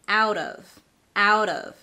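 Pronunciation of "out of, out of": In 'out of', the t in 'out' is said as a flap T.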